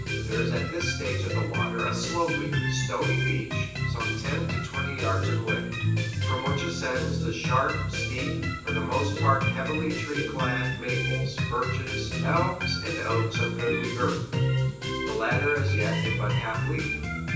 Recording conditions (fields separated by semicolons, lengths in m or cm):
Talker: one person; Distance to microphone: 9.8 m; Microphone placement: far; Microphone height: 1.8 m; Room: large; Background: music